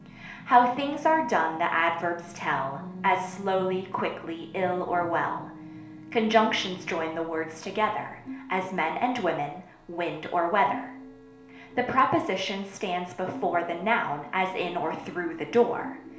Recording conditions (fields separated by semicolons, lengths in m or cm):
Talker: one person; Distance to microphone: 1.0 m; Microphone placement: close; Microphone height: 1.1 m; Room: small (3.7 m by 2.7 m); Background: television